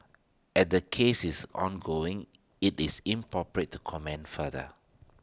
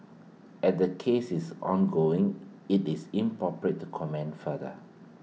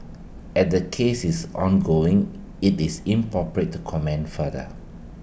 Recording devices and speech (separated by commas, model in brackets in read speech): standing microphone (AKG C214), mobile phone (iPhone 6), boundary microphone (BM630), read sentence